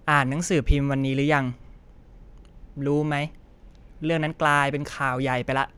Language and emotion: Thai, frustrated